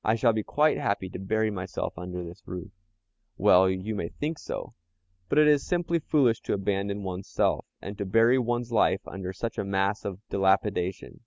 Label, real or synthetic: real